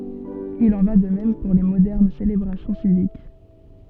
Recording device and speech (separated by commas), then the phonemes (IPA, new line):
soft in-ear microphone, read sentence
il ɑ̃ va də mɛm puʁ le modɛʁn selebʁasjɔ̃ sivik